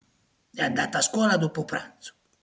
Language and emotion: Italian, angry